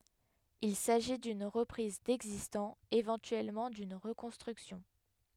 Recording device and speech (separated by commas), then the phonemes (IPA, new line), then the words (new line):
headset microphone, read sentence
il saʒi dyn ʁəpʁiz dɛɡzistɑ̃ evɑ̃tyɛlmɑ̃ dyn ʁəkɔ̃stʁyksjɔ̃
Il s’agit d’une reprise d’existant, éventuellement d’une reconstruction.